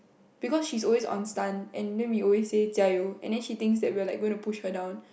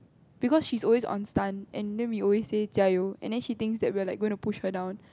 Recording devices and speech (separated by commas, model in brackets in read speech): boundary microphone, close-talking microphone, conversation in the same room